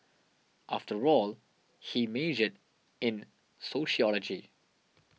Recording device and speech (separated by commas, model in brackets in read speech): mobile phone (iPhone 6), read sentence